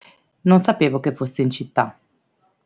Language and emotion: Italian, neutral